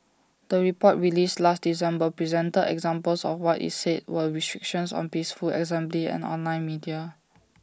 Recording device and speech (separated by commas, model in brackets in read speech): standing microphone (AKG C214), read sentence